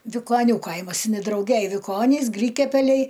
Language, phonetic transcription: Lithuanian, vikoˈnių ˈkaimas in i drauˈgej viˈkonys ˈgrykiapeliai

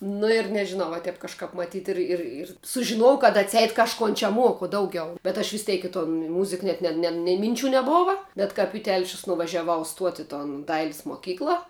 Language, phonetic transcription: Lithuanian, nu ir nežiˈnau va ˈtep kažˈkap maˈtyt ˈir ir ir sužiˈnojau kad atˈseit kažˈkon čia ˈmuoku ˈdauˌgiau bet aš visˈteik i ton ˈmuzik ˈnet ne nei minˈčių neˈbova bet ˈkap i ˈtelšius nuvažiaˈvau ˈstuoti i ton ˈdailis moˈkykla

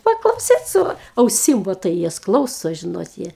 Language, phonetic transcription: Lithuanian, paklauˈsyt ˈsu auˈsim vo ˈtai ˈjas ˈklauso ˈžinot ˈjie

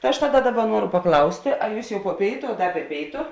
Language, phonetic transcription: Lithuanian, ta ˈaš ˈtaˌda ˈdaˌba ˈnuoru paˈklaustė a ˈjūs jau po ˈpėitu a ˈda be ˈpėitu

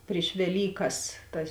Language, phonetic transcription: Lithuanian, priš veˈlykas ˈtas

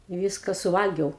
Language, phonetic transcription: Lithuanian, i ˈvyska suˈvalgiau

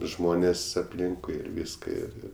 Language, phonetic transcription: Lithuanian, ˈžmonės apˈlinkui ir ˈvyska ir ˈir

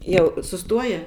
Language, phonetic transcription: Lithuanian, ˈjau suˈstuoja

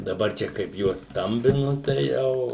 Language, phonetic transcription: Lithuanian, daˈbar ˈčia kaip ˈjuos ˈstambinu tai ˈjau

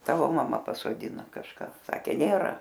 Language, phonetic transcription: Lithuanian, ˈtavo maˈma pasodiˈno kažˈką ˈsakė ˈnėra

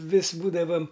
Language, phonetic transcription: Lithuanian, ˈvis ˈbūdavam

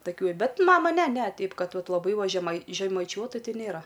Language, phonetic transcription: Lithuanian, taˈkių i ˈbet ˈmama ne ne ˈteip ˈkad ˈvat laˈbai va žemai žemaiˈčiuotu ˈti ˈnėra

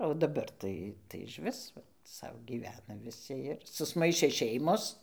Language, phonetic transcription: Lithuanian, o daˈbar tai išˈvis ˈsau gyˈvena viˈsi ir susˈmaišė ˈšeimos

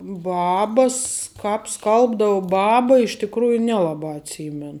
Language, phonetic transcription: Lithuanian, ˈbaba s ˈkāp ˈskalbdau ˈbaba iš tikˈrųju ˈnelaˌbā atˈsymen

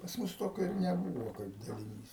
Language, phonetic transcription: Lithuanian, pas ˈmus ˈtokio ir neˈbūvo kaip daliˈnys

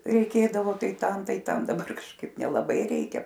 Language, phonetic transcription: Lithuanian, reiˈkėdavo ˈtai ˈtam ˈtai ˈtam daˈbar kažˈkaip nelaˈbai ˈreikia

